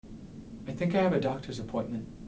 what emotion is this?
neutral